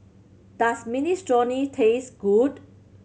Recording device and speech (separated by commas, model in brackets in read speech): mobile phone (Samsung C7100), read sentence